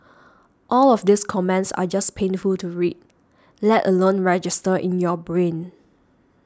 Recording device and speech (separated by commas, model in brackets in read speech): standing microphone (AKG C214), read sentence